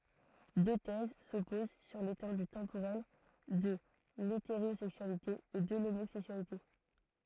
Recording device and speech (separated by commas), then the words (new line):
throat microphone, read sentence
Deux thèses s’opposent sur l’étendue temporelle de l’hétérosexualité et de l’homosexualité.